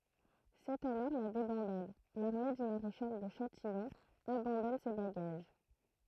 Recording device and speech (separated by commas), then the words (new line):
throat microphone, read sentence
C'est alors la débandade, l'armée du maréchal de Châtillon abandonne ses bagages.